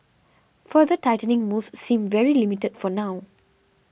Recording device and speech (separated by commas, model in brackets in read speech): boundary microphone (BM630), read sentence